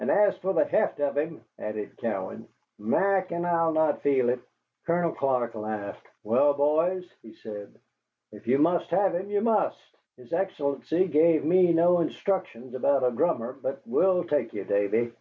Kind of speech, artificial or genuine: genuine